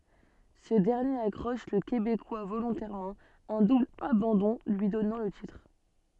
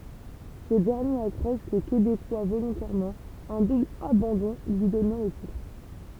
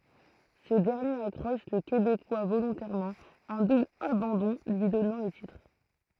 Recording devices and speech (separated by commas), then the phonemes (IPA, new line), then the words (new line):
soft in-ear microphone, temple vibration pickup, throat microphone, read sentence
sə dɛʁnjeʁ akʁɔʃ lə kebekwa volɔ̃tɛʁmɑ̃ œ̃ dubl abɑ̃dɔ̃ lyi dɔnɑ̃ lə titʁ
Ce dernier accroche le Québécois volontairement, un double abandon lui donnant le titre.